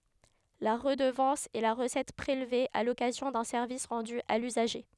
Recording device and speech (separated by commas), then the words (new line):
headset microphone, read sentence
La redevance est la recette prélevée à l’occasion d’un service rendu à l’usager.